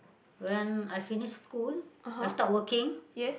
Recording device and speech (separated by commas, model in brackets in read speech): boundary microphone, conversation in the same room